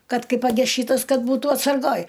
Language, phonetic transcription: Lithuanian, ˈkad ˈkai paˈges ˈšytas ˈkad ˈbūtų atsarˈgoj

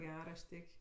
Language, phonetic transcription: Lithuanian, ˈger aš ˈtėk'

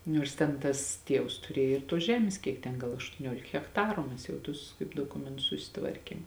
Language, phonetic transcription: Lithuanian, ˈniors ten ˈtas ˈtievs tuˈriej ir tuos ˈžemės kiek ˈten ˈgal aštuoˈniuolik hekˈtaru ˈmes jau ˈtus kaip doˈkumentus susiˈtvarkėm

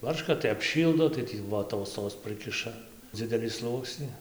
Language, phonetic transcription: Lithuanian, ˈbarška tai apˈšyldo tai ˈtį voˈtos tos ˈprɨkiša ˈdzidelį ˈsluoksni

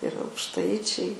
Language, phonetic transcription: Lithuanian, ir aukšˈtaičiai

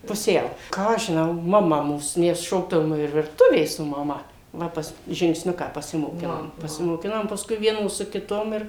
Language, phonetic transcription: Lithuanian, puˈsiau ˈką aš žinau maˈma ˈmūs ˈmes ˈšokdavom ir virˈtuvė su maˈma ˈva pas žingsˈniuką pasimoˈkinom pasimoˈkinom pasˈkui ˈvienos su kiˈtom ir

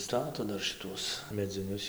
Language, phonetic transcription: Lithuanian, ˈstato ˈdar šiˈtuos medziˈnius

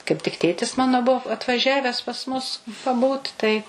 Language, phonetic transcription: Lithuanian, kaip tik ˈtėtis ˈmano bu atvaˈžæves pas ˈmus paˈbūt tai

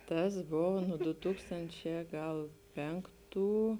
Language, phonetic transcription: Lithuanian, ˈtas ˈbovo nu ˈdu ˈtūkstančē ˈgal ˈpenˌktų

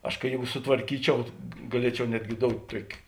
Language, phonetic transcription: Lithuanian, ˈaš kai ˈjėgu sutvarˈkyčiau gaˈliečiau ˈnetgi ˈdout' ˈtuoki

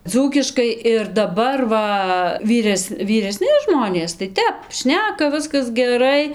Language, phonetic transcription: Lithuanian, ˈdzūkiškai ir daˈbar ˈva ˈvyres vyreˈsni ˈžmonės tai ˈtep ˈšneka ˈviskas geˈrai

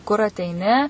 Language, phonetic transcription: Lithuanian, kur ateiˈni

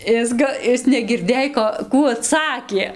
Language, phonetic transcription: Lithuanian, ˈis ga ˈis negirˈdėj ˈko ˈkų aˈtsakė

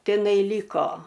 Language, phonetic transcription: Lithuanian, tiˈnai ˈlyko

